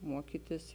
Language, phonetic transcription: Lithuanian, ˈmuokytis

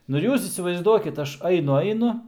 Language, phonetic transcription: Lithuanian, ˈnu ir ˈjūs įsivaizˈduokit ˈaš ˈainu ˈainu

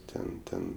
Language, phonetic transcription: Lithuanian, ˈten ˈten

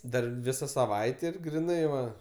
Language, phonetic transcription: Lithuanian, ˈdar ˈvisa saˈvaitė ir griˈnai va

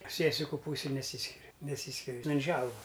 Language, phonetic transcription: Lithuanian, ˈsiesiku ˈpūsij neˈsyskiri neˈsyskiri ˈten ˈželva

